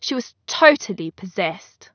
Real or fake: real